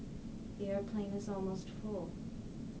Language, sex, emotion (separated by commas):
English, female, sad